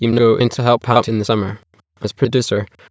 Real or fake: fake